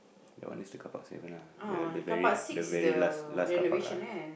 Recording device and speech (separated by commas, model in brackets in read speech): boundary microphone, conversation in the same room